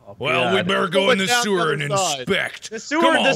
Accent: Put's on a accent like a stranded survivor